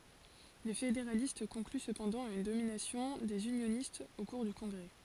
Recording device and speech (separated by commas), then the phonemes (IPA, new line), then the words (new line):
forehead accelerometer, read sentence
le fedeʁalist kɔ̃kly səpɑ̃dɑ̃ a yn dominasjɔ̃ dez ynjonistz o kuʁ dy kɔ̃ɡʁɛ
Les fédéralistes concluent cependant à une domination des unionistes au cours du Congrès.